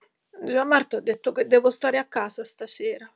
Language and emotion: Italian, sad